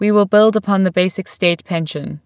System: none